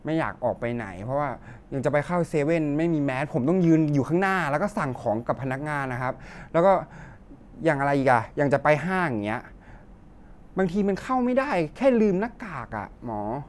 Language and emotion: Thai, frustrated